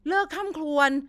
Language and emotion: Thai, frustrated